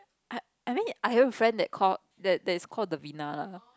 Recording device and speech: close-talking microphone, conversation in the same room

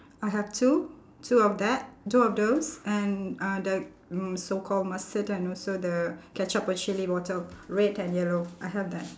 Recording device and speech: standing microphone, conversation in separate rooms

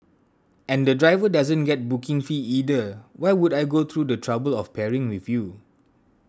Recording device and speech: standing microphone (AKG C214), read sentence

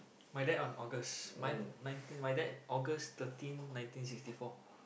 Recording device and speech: boundary microphone, conversation in the same room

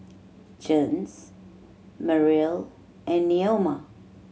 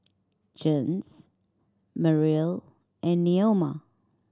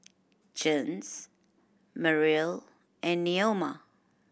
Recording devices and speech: mobile phone (Samsung C7100), standing microphone (AKG C214), boundary microphone (BM630), read sentence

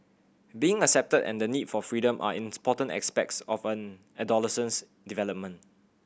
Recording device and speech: boundary microphone (BM630), read sentence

